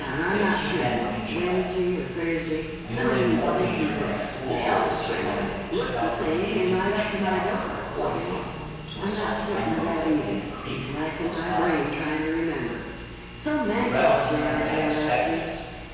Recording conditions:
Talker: one person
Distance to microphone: 7.1 m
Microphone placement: far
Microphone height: 1.7 m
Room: very reverberant, large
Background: television

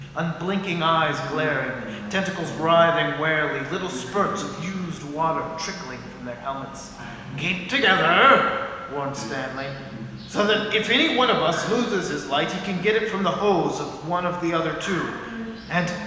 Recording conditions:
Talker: one person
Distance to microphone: 1.7 m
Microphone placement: close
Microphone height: 1.0 m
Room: very reverberant, large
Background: television

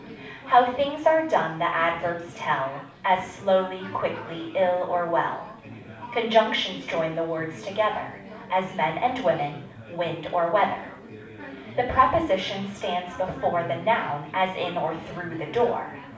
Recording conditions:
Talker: one person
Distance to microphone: 5.8 m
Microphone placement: far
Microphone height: 1.8 m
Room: medium-sized (5.7 m by 4.0 m)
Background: babble

